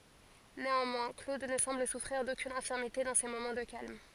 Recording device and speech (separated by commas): forehead accelerometer, read sentence